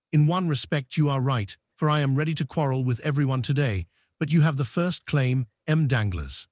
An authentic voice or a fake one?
fake